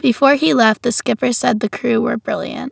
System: none